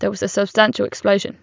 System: none